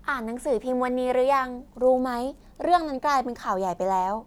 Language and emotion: Thai, neutral